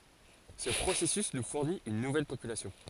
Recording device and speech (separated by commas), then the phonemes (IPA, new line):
forehead accelerometer, read sentence
sə pʁosɛsys nu fuʁnit yn nuvɛl popylasjɔ̃